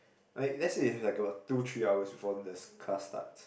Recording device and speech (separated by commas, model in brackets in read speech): boundary microphone, conversation in the same room